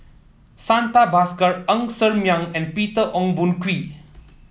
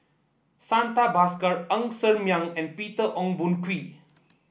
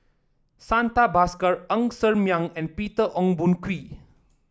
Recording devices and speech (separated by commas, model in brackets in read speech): mobile phone (iPhone 7), boundary microphone (BM630), standing microphone (AKG C214), read sentence